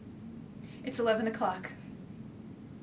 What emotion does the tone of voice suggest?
fearful